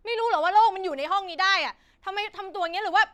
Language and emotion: Thai, angry